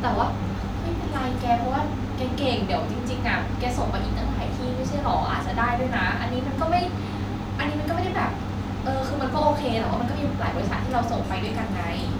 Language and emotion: Thai, frustrated